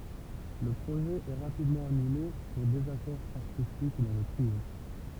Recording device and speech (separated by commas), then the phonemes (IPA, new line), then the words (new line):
temple vibration pickup, read sentence
lə pʁoʒɛ ɛ ʁapidmɑ̃ anyle puʁ dezakɔʁ aʁtistik dɑ̃ lə tʁio
Le projet est rapidement annulé pour désaccord artistique dans le trio.